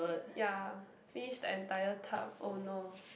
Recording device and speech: boundary microphone, conversation in the same room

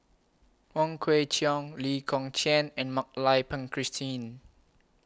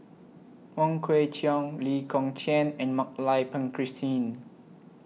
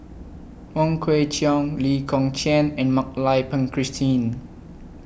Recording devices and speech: close-talking microphone (WH20), mobile phone (iPhone 6), boundary microphone (BM630), read sentence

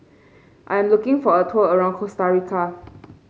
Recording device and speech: mobile phone (Samsung C5), read sentence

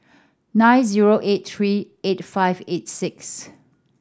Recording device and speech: standing microphone (AKG C214), read sentence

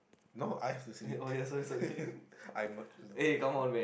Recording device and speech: boundary microphone, conversation in the same room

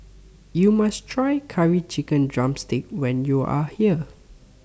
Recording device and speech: standing microphone (AKG C214), read sentence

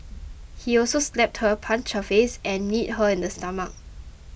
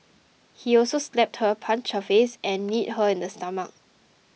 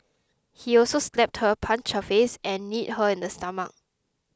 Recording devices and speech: boundary microphone (BM630), mobile phone (iPhone 6), close-talking microphone (WH20), read sentence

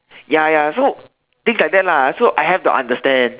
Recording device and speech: telephone, conversation in separate rooms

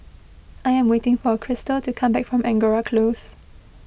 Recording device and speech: boundary microphone (BM630), read sentence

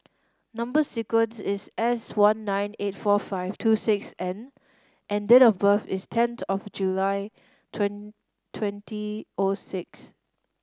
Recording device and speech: standing microphone (AKG C214), read sentence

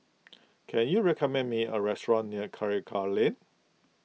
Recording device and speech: mobile phone (iPhone 6), read sentence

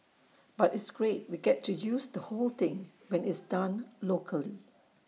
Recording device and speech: mobile phone (iPhone 6), read sentence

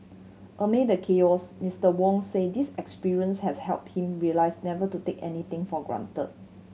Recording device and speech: mobile phone (Samsung C7100), read sentence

